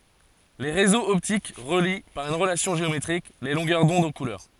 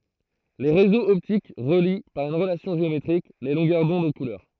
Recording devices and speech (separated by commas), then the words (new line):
forehead accelerometer, throat microphone, read sentence
Les réseaux optiques relient, par une relation géométrique, les longueurs d'onde aux couleurs.